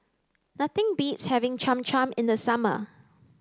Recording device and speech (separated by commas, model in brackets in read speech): close-talking microphone (WH30), read sentence